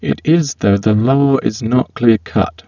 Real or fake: fake